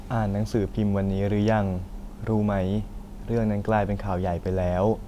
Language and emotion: Thai, neutral